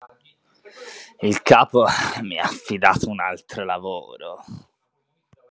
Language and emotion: Italian, disgusted